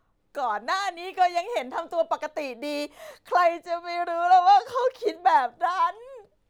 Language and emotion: Thai, sad